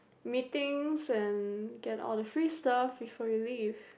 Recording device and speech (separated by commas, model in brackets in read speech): boundary microphone, conversation in the same room